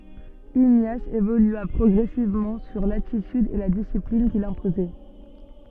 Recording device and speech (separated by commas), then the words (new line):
soft in-ear microphone, read sentence
Ignace évolua progressivement sur l'attitude et la discipline qu'il s'imposait.